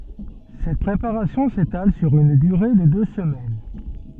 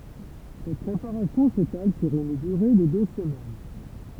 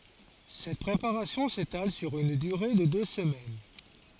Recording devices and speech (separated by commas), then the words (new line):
soft in-ear microphone, temple vibration pickup, forehead accelerometer, read sentence
Cette préparation s'étale sur une durée de deux semaines.